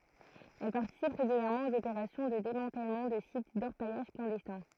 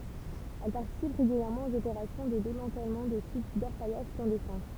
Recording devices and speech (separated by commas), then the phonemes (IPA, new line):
throat microphone, temple vibration pickup, read sentence
ɛl paʁtisip ʁeɡyljɛʁmɑ̃ oz opeʁasjɔ̃ də demɑ̃tɛlmɑ̃ də sit dɔʁpajaʒ klɑ̃dɛstɛ̃